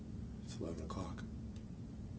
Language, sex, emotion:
English
male
neutral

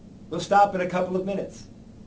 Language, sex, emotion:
English
male
neutral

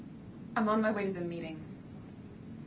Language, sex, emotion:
English
female
neutral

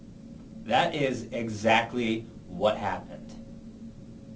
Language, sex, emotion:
English
male
angry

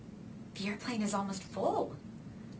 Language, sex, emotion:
English
female
neutral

